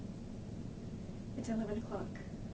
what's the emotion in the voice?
neutral